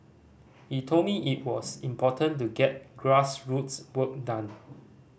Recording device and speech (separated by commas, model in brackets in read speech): boundary microphone (BM630), read sentence